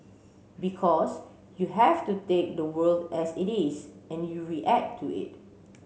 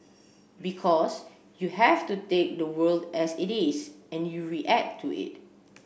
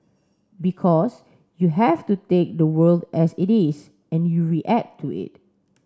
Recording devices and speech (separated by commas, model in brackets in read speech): mobile phone (Samsung C7), boundary microphone (BM630), standing microphone (AKG C214), read sentence